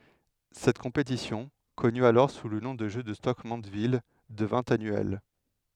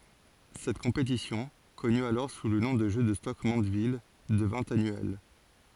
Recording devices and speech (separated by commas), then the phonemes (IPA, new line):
headset microphone, forehead accelerometer, read sentence
sɛt kɔ̃petisjɔ̃ kɔny alɔʁ su lə nɔ̃ də ʒø də stok mɑ̃dvil dəvɛ̃ anyɛl